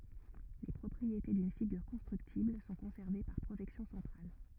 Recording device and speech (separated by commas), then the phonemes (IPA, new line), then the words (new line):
rigid in-ear microphone, read sentence
le pʁɔpʁiete dyn fiɡyʁ kɔ̃stʁyktibl sɔ̃ kɔ̃sɛʁve paʁ pʁoʒɛksjɔ̃ sɑ̃tʁal
Les propriétés d'une figure constructible sont conservées par projection centrale.